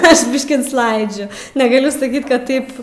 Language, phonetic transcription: Lithuanian, ˈaš ˈbiškį nusˈlaidžiu negaˈliu saˈkyt kad ˈtaip

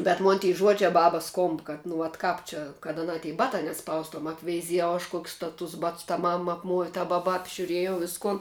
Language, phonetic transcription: Lithuanian, bet ˈmon ty ˈžuodžia ˈbabas ˈskomb kad nu vat ˈkāp čia kad aˈnā ty ˈbatā neˈspaustuom apveiˈziejau aš kuok's' ta tus ˈbats ta ˈmam apˈmuovi ta ˈbaba apžiuˈriejau ˈviskun

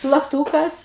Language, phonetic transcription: Lithuanian, plakˈtūkas

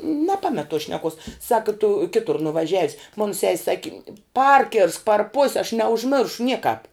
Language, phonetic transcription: Lithuanian, neˈpamet tos šneˈkos ˈsaka tu ˈkitur nuvaˈžiavis mun ses' ˈsaki ˈparkirsk par pos' aš neužˈmiršu ˈniekāp

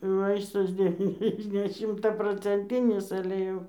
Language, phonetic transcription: Lithuanian, ˈvaistas deˈvyniasde ne šimtaprocenˈtinis ale ˈjau

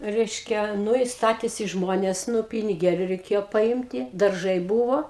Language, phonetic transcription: Lithuanian, ˈreiškia ˈnu i ˈstatėsi ˈžmonės ˈnu piniˈgėliu reiˈkėjo paˈimti darˈžai ˈbūvo

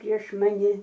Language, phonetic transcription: Lithuanian, prieš maˈni

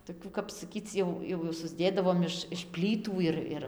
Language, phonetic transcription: Lithuanian, toˈkių kap saˈkyc jau jau susˈdėdavom iš iš ˈplytų ir ˈir

